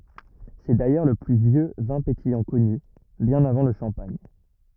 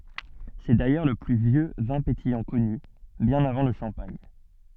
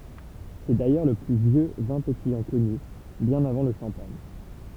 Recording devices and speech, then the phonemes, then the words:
rigid in-ear microphone, soft in-ear microphone, temple vibration pickup, read sentence
sɛ dajœʁ lə ply vjø vɛ̃ petijɑ̃ kɔny bjɛ̃n avɑ̃ lə ʃɑ̃paɲ
C'est d'ailleurs le plus vieux vin pétillant connu, bien avant le champagne.

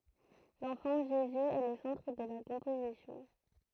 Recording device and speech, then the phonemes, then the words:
throat microphone, read sentence
lɑ̃fɑ̃ ʒezy ɛ lə sɑ̃tʁ də la kɔ̃pozisjɔ̃
L’enfant Jésus est le centre de la composition.

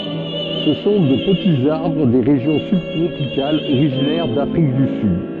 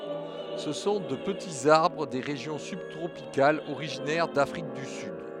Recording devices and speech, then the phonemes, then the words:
soft in-ear microphone, headset microphone, read sentence
sə sɔ̃ də pətiz aʁbʁ de ʁeʒjɔ̃ sybtʁopikalz oʁiʒinɛʁ dafʁik dy syd
Ce sont de petits arbres des régions subtropicales, originaires d'Afrique du Sud.

